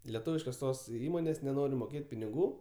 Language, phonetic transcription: Lithuanian, leˈtūviškos ˈtos ˈįmonės' neˈnori moˈkėt' piniˈgų

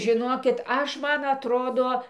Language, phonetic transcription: Lithuanian, žiˈnokit ˈaš ˈman atˈrodo

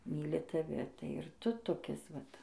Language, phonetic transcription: Lithuanian, ˈmyli taˈvi tai ir ˈtu toˈkis vat

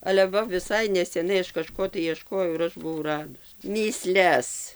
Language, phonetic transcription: Lithuanian, ale ˈva viˈsai neseˈnai ˈaš kaˈžko tai ieˈškojau ir ˈaš buˈvau ˈradus mįˈsles

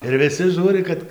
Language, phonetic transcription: Lithuanian, ir viˈsi ˈžūri kad

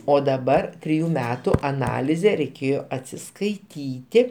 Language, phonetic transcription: Lithuanian, o daˈbar triˈjų ˈmetu aˈnalizė reiˈkėjo atsiskaiˈtyti

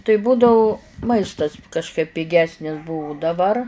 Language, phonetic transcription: Lithuanian, tai ˈbūdavu ˈmaistas kažˈkaip piˈgesnis ˈbuvu daˈbar

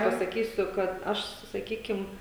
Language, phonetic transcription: Lithuanian, pasaˈkysiu kad ˈaš su saˈkykim

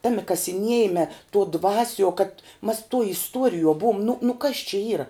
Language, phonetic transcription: Lithuanian, ˈtami kasiˈniejime tuo ˈdvasiuo kad mas tuo isˈtuorijuo ˈbuom nu nu kas čia ˈyra

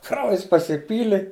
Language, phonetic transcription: Lithuanian, ˈkraujas pasiˈpyli

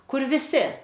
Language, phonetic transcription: Lithuanian, ˈkur viˈsi

